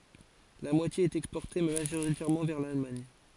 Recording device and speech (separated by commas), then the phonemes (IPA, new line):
forehead accelerometer, read sentence
la mwatje ɛt ɛkspɔʁte maʒoʁitɛʁmɑ̃ vɛʁ lalmaɲ